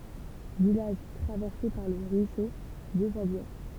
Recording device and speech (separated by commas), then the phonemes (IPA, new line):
temple vibration pickup, read sentence
vilaʒ tʁavɛʁse paʁ lə ʁyiso də favjɛʁ